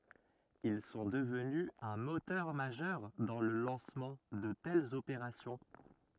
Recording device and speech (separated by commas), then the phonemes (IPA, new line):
rigid in-ear microphone, read sentence
il sɔ̃ dəvny œ̃ motœʁ maʒœʁ dɑ̃ lə lɑ̃smɑ̃ də tɛlz opeʁasjɔ̃